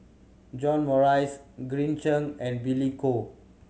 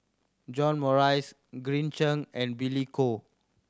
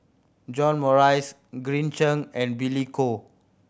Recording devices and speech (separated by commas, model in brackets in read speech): mobile phone (Samsung C7100), standing microphone (AKG C214), boundary microphone (BM630), read sentence